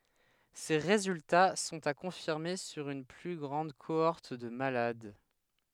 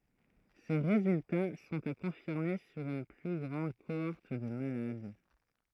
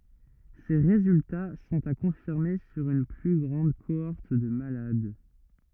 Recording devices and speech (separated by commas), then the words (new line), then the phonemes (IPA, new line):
headset microphone, throat microphone, rigid in-ear microphone, read sentence
Ces résultats sont à confirmer sur une plus grande cohorte de malades.
se ʁezylta sɔ̃t a kɔ̃fiʁme syʁ yn ply ɡʁɑ̃d koɔʁt də malad